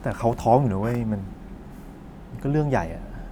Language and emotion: Thai, frustrated